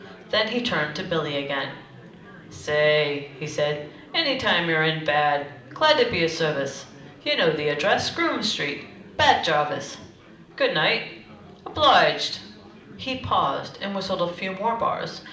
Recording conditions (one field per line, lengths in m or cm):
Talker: one person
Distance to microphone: 2.0 m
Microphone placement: close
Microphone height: 99 cm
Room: medium-sized (5.7 m by 4.0 m)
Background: babble